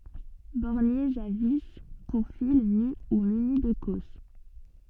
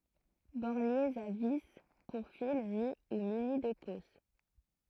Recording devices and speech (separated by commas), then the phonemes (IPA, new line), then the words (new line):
soft in-ear microphone, throat microphone, read sentence
bɔʁnjez a vi puʁ fil ny u myni də kɔs
Borniers à vis, pour fil nu ou muni de cosse.